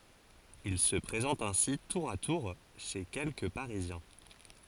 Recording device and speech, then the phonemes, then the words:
forehead accelerometer, read sentence
il sə pʁezɑ̃t ɛ̃si tuʁ a tuʁ ʃe kɛlkə paʁizjɛ̃
Il se présente ainsi tour à tour chez quelques parisiens.

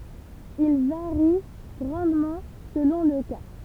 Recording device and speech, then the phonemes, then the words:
temple vibration pickup, read sentence
il vaʁi ɡʁɑ̃dmɑ̃ səlɔ̃ lə ka
Il varie grandement selon le cas.

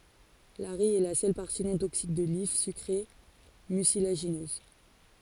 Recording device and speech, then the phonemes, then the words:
forehead accelerometer, read sentence
laʁij ɛ la sœl paʁti nɔ̃ toksik də lif sykʁe mysilaʒinøz
L'arille est la seule partie non toxique de l'if, sucrée, mucilagineuse.

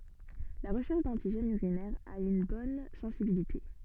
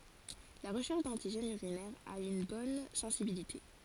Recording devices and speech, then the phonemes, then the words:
soft in-ear microphone, forehead accelerometer, read sentence
la ʁəʃɛʁʃ dɑ̃tiʒɛnz yʁinɛʁz a yn bɔn sɑ̃sibilite
La recherche d'antigènes urinaires a une bonne sensibilité.

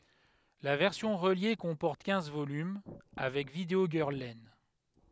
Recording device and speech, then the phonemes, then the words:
headset microphone, read sentence
la vɛʁsjɔ̃ ʁəlje kɔ̃pɔʁt kɛ̃z volym avɛk vidəo ɡœʁl lɛn
La version reliée comporte quinze volumes, avec Video Girl Len.

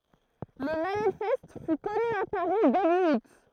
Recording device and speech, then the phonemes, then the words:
throat microphone, read sentence
lə manifɛst fy kɔny a paʁi deby ut
Le manifeste fut connu à Paris début août.

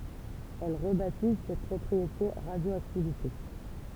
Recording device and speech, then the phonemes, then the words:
temple vibration pickup, read sentence
ɛl ʁəbatiz sɛt pʁɔpʁiete ʁadjoaktivite
Elle rebaptise cette propriété radioactivité.

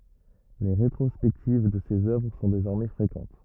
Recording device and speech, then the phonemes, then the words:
rigid in-ear microphone, read sentence
le ʁetʁɔspɛktiv də sez œvʁ sɔ̃ dezɔʁmɛ fʁekɑ̃t
Les rétrospectives de ses œuvres sont désormais fréquentes.

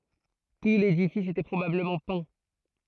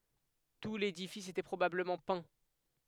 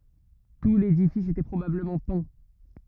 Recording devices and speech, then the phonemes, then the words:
throat microphone, headset microphone, rigid in-ear microphone, read sentence
tu ledifis etɛ pʁobabləmɑ̃ pɛ̃
Tout l'édifice était probablement peint.

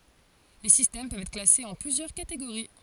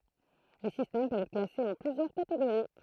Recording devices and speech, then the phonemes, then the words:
forehead accelerometer, throat microphone, read sentence
le sistɛm pøvt ɛtʁ klasez ɑ̃ plyzjœʁ kateɡoʁi
Les systèmes peuvent être classés en plusieurs catégories.

